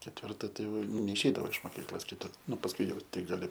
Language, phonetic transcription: Lithuanian, ketvirˈta tai jau neišˈeidavo iš moˈkyklos kiˈtu ˈnu pasˈkui jau ˈtik gaˈli

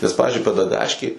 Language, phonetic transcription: Lithuanian, nes ˈpavizdžiui pedaˈgaškėj

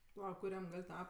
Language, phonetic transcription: Lithuanian, paˈla kuˈriam ˈgal' ˈta

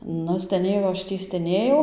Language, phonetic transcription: Lithuanian, ˈnu steˈnėjau aš ˈtį steˈnėjau

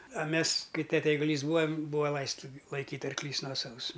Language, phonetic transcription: Lithuanian, a ˈmes ˈkai ˈtete eiguˈlys ˈbūa ˈbūa ˈlaista ˈlaikyt' arkˈlys ˈnuosavus

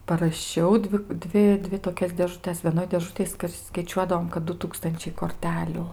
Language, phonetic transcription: Lithuanian, paraˈšiau ˈdvi ˈdvi ˈdvi toˈkias dėžuˈtes vieˈnoj dėˈžutėj skaiˈčiuodavom kad ˈdu ˈtūkstančiai korˈteliu

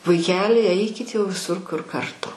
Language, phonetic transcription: Lithuanian, vaiˈkeli ˈeikit jau viˈsur kur karˈtu

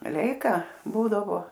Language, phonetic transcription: Lithuanian, ˈleika ˈbūdavo

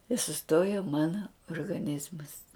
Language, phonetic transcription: Lithuanian, i suˈstojo ˈmana orgaˈnizmas

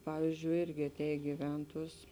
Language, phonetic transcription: Lithuanian, ˈpavyzdžiui ˈirgi aˈtēj giˈventuos

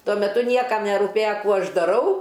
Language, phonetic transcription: Lithuanian, ˈtuo meˈtu ˈniekam neruˈpėja ˈkų ˈaš daˈrau

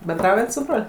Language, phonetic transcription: Lithuanian, benˈdraujat su ˈbrol'

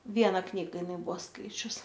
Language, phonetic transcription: Lithuanian, ˈviena ˈknyga iˈnai ˈbuo ˈskaičius

